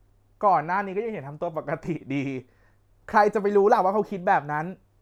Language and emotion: Thai, frustrated